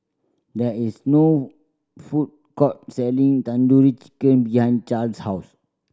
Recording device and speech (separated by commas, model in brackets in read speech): standing microphone (AKG C214), read sentence